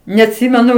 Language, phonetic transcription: Lithuanian, neatˈsimenu

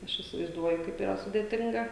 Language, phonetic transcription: Lithuanian, ˈaš įsivaizˈduoju ˈkaip yˈra sudėˈtinga

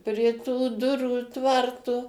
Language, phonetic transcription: Lithuanian, prie tų ˈdurų ˈtvartu

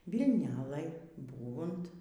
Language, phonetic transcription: Lithuanian, vilˈnɘlėj ˈbūvunt

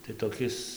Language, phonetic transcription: Lithuanian, tai toˈkis

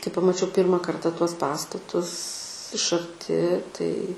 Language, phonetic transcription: Lithuanian, kai pamaˈčiau ˈpyrma ˈkarta ˈtuos ˈpastatus iš arˈti tai

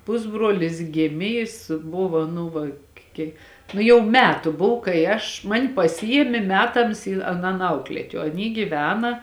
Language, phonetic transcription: Lithuanian, ˈpusbruolis ˈgėmė ˈjis ˈbuva ˈnu va ˈkiek ˈnu jau ˈmetu ˈbuv kai ˈaš man' paˈsijiemė ˈmetams į aˈnan ˈaukliet' o aˈny gyˈvena

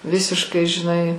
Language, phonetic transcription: Lithuanian, ˈvisiškai žiˈnai

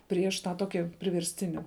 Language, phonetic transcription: Lithuanian, ˈprieš tą ˈtoki priversˈtini

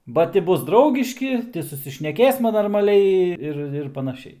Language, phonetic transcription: Lithuanian, ba ˈti ˈbus ˈdraugiški ˈti susišneˈkėsma normaˈliai ˈir ir panaˈšiai

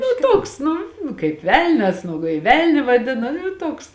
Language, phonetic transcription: Lithuanian, nu ˈtoks ˈnu kaip ˈvelnias nu kai ˈvelniu vaˈdina nu ˈtoks

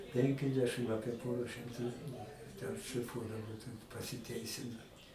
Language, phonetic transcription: Lithuanian, ˈpenkiasdešɨm ˈapie ˈpora šimˈtų ten šliˈfuodavo pasiˈteisino

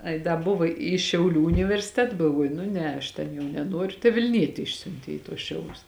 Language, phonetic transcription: Lithuanian, ˈai da ˈbuvo į šiauˈlių universiˈtet galˈvuoju nu ˈne aš ˈten jau neˈnuoriu tai vilˈnieti ˈišsiuntė į tuos ˈšiaulius

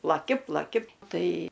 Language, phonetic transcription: Lithuanian, plaˈki plaˈki ˈtai

